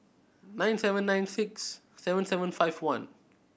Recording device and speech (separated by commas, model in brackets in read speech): boundary microphone (BM630), read sentence